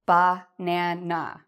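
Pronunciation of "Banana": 'Banana' is said in an annoyed or angry tone, with more force and with the voice falling.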